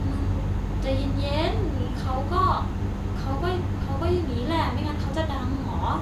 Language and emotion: Thai, frustrated